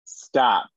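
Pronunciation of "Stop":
'Stop' is said with a glottal stop at the end.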